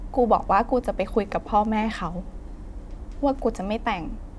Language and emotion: Thai, frustrated